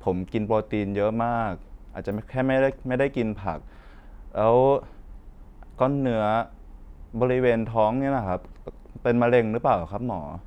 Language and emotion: Thai, frustrated